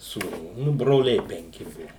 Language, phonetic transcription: Lithuanian, sūˈnų nu broˈliai penˈki ˈbuvu

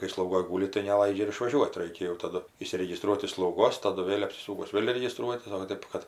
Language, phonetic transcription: Lithuanian, kai slauˈgoj ˈgūli tai neˈlaidžia ir išvaˈžiuot ˈraikia jau taˈdu išsiregiˈstruot iš slauˈgos taˈdu ˈvėl' apsiˈsūkus ˈvėl' regiˈstruotis o va ˈtėp kad

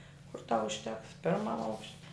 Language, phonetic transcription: Lithuanian, kur ˈtau užˈteks ˈpirmam ˈaukš'

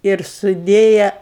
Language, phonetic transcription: Lithuanian, ir suˈdėja

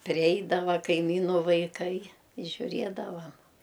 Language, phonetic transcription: Lithuanian, priˈeidava kaiˈmynu vaiˈkai i žiuˈriedavam

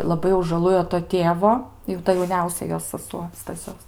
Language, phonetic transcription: Lithuanian, laˈbai jau žaˈlujo to ˈtėvo jau ˈta jauˈniausia ˈjos saˈsuo staˈsios

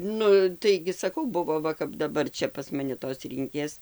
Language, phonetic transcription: Lithuanian, ˈnu taigi saˈkau ˈbuvo ˈva kap daˈbar ˈčia pas maˈni tos ˈrynkės

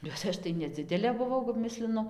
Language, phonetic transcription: Lithuanian, bet ˈaš tai neˈdzidelė buˈvau kap ˈmislinu

